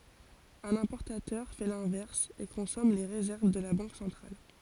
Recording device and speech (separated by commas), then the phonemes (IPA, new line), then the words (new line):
forehead accelerometer, read sentence
œ̃n ɛ̃pɔʁtatœʁ fɛ lɛ̃vɛʁs e kɔ̃sɔm le ʁezɛʁv də la bɑ̃k sɑ̃tʁal
Un importateur fait l'inverse, et consomme les réserves de la banque centrale.